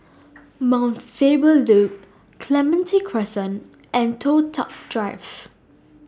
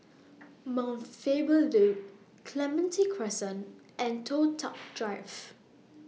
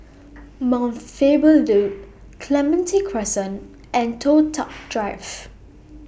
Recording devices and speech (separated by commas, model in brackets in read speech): standing microphone (AKG C214), mobile phone (iPhone 6), boundary microphone (BM630), read sentence